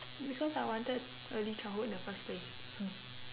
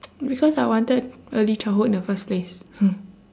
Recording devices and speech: telephone, standing microphone, conversation in separate rooms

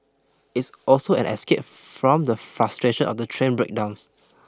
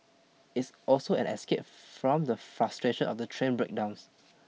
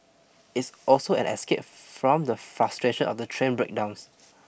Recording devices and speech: close-talking microphone (WH20), mobile phone (iPhone 6), boundary microphone (BM630), read sentence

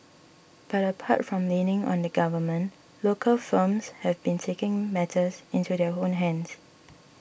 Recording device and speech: boundary microphone (BM630), read sentence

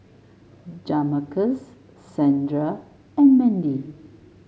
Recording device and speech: mobile phone (Samsung S8), read sentence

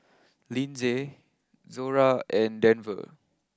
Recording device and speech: close-talking microphone (WH20), read sentence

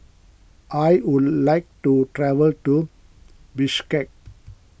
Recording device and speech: boundary microphone (BM630), read sentence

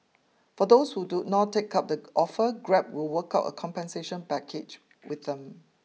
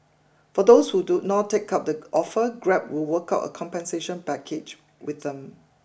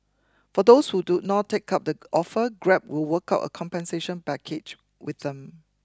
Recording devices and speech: mobile phone (iPhone 6), boundary microphone (BM630), close-talking microphone (WH20), read sentence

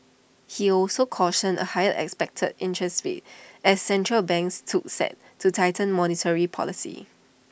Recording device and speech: boundary microphone (BM630), read sentence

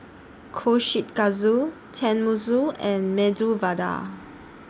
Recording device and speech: standing microphone (AKG C214), read sentence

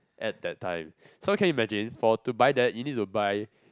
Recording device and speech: close-talking microphone, conversation in the same room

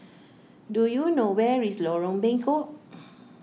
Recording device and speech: mobile phone (iPhone 6), read sentence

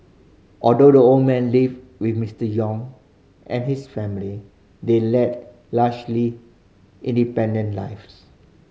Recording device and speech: mobile phone (Samsung C5010), read sentence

